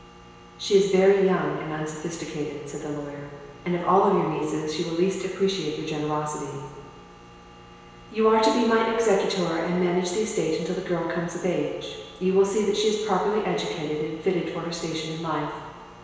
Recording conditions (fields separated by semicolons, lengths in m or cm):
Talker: one person; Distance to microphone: 1.7 m; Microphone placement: close; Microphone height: 1.0 m; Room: very reverberant, large; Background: none